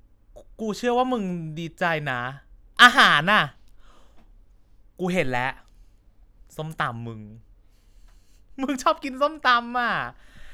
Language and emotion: Thai, happy